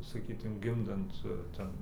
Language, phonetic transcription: Lithuanian, saˈkytum ˈgimdant ˈten

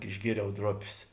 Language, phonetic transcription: Lithuanian, išˈgieriau ˈdropės

